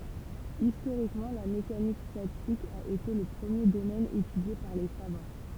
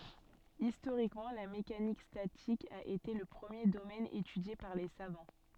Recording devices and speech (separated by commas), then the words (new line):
temple vibration pickup, soft in-ear microphone, read sentence
Historiquement, la mécanique statique a été le premier domaine étudié par les savants.